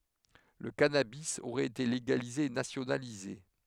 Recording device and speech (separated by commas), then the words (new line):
headset microphone, read sentence
Le cannabis aurait été légalisé et nationalisé.